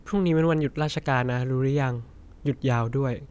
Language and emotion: Thai, neutral